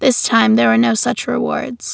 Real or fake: real